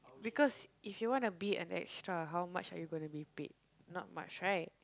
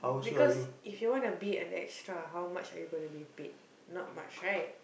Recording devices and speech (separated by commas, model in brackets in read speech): close-talking microphone, boundary microphone, conversation in the same room